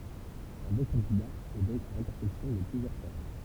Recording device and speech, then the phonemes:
temple vibration pickup, read sentence
œ̃ bɔ̃ kɑ̃dida ɛ dɔ̃k a lɛ̃tɛʁsɛksjɔ̃ də plyzjœʁ sɛʁkl

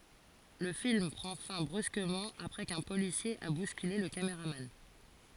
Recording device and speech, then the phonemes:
forehead accelerometer, read sentence
lə film pʁɑ̃ fɛ̃ bʁyskəmɑ̃ apʁɛ kœ̃ polisje a buskyle lə kamʁaman

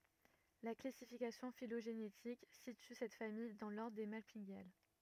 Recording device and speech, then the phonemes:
rigid in-ear microphone, read sentence
la klasifikasjɔ̃ filoʒenetik sity sɛt famij dɑ̃ lɔʁdʁ de malpiɡjal

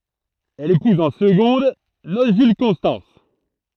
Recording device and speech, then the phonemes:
throat microphone, read sentence
ɛl epuz ɑ̃ səɡɔ̃d nos ʒyl kɔ̃stɑ̃s

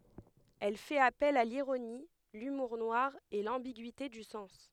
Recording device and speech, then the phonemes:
headset microphone, read sentence
ɛl fɛt apɛl a liʁoni lymuʁ nwaʁ e lɑ̃biɡyite dy sɑ̃s

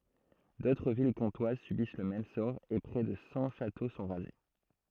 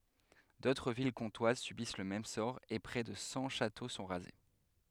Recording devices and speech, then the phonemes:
throat microphone, headset microphone, read sentence
dotʁ vil kɔ̃twaz sybis lə mɛm sɔʁ e pʁɛ də sɑ̃ ʃato sɔ̃ ʁaze

